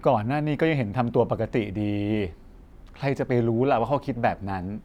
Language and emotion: Thai, neutral